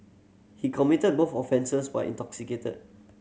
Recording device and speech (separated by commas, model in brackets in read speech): mobile phone (Samsung C7100), read sentence